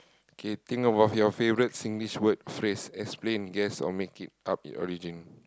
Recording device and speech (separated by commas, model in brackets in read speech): close-talking microphone, conversation in the same room